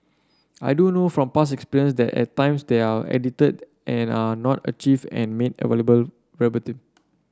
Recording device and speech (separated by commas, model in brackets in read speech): standing microphone (AKG C214), read sentence